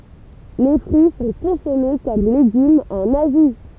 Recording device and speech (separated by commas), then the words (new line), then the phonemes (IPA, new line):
temple vibration pickup, read sentence
Les fruits sont consommés comme légumes en Asie.
le fʁyi sɔ̃ kɔ̃sɔme kɔm leɡymz ɑ̃n azi